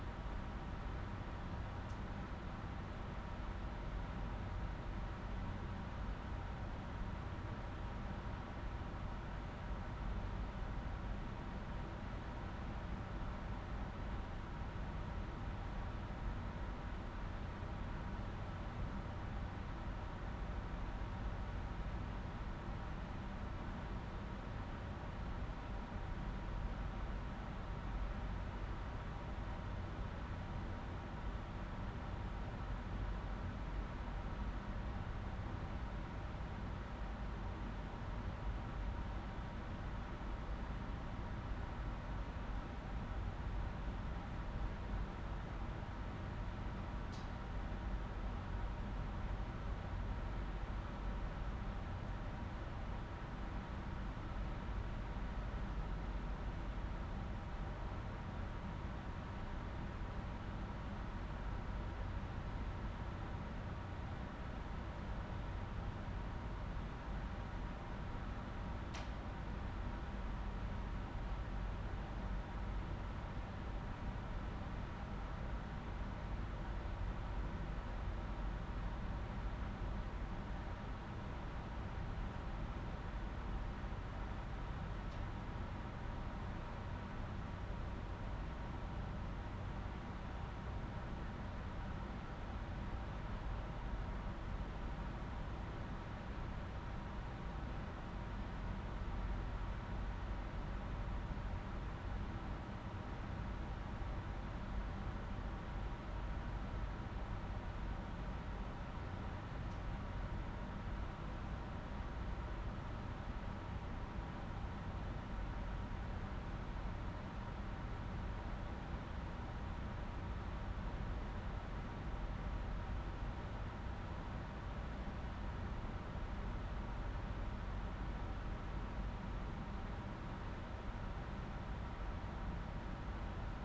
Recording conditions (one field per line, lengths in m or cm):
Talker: no one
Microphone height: 99 cm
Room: medium-sized (5.7 m by 4.0 m)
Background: none